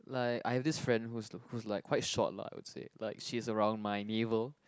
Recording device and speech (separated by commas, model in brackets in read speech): close-talking microphone, conversation in the same room